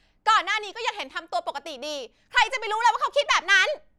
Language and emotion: Thai, angry